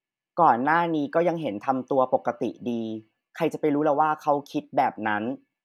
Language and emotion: Thai, frustrated